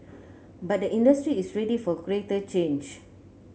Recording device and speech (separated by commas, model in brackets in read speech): mobile phone (Samsung C9), read sentence